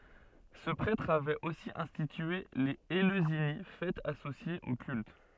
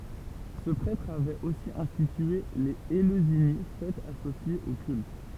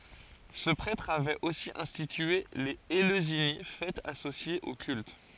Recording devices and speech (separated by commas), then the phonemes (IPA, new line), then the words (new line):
soft in-ear microphone, temple vibration pickup, forehead accelerometer, read sentence
sə pʁɛtʁ avɛt osi ɛ̃stitye lez eløzini fɛtz asosjez o kylt
Ce prêtre avait aussi institué les Éleusinies, fêtes associées au culte.